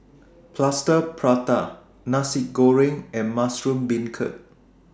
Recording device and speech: standing microphone (AKG C214), read sentence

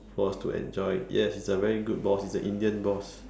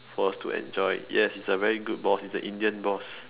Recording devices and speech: standing microphone, telephone, conversation in separate rooms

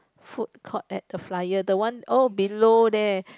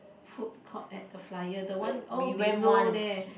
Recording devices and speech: close-talking microphone, boundary microphone, conversation in the same room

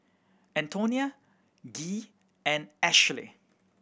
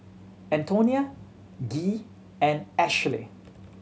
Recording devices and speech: boundary microphone (BM630), mobile phone (Samsung C7100), read sentence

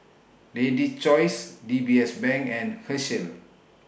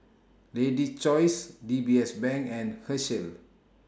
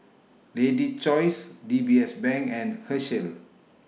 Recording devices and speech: boundary microphone (BM630), standing microphone (AKG C214), mobile phone (iPhone 6), read sentence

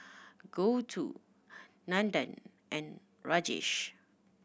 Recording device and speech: boundary microphone (BM630), read sentence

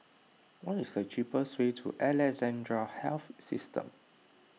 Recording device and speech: mobile phone (iPhone 6), read sentence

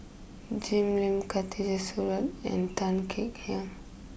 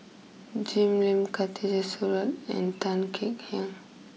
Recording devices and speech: boundary microphone (BM630), mobile phone (iPhone 6), read sentence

